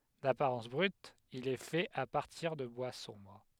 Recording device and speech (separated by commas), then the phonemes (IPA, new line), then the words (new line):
headset microphone, read sentence
dapaʁɑ̃s bʁyt il ɛ fɛt a paʁtiʁ də bwa sɔ̃bʁ
D'apparence brute, il est fait à partir de bois sombre.